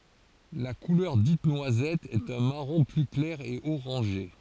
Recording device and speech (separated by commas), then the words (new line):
forehead accelerometer, read sentence
La couleur dite noisette est un marron plus clair et orangé.